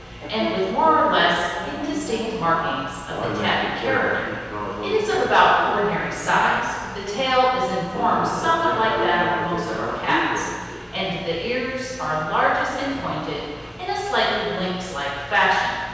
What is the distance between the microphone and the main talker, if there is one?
7.1 m.